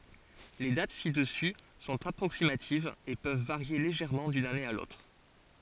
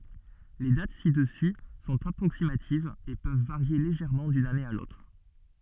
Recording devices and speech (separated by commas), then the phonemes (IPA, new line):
forehead accelerometer, soft in-ear microphone, read sentence
le dat sidəsy sɔ̃t apʁoksimativz e pøv vaʁje leʒɛʁmɑ̃ dyn ane a lotʁ